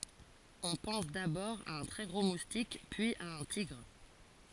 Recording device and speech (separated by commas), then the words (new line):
forehead accelerometer, read sentence
On pense d'abord à un très gros moustique, puis à un tigre.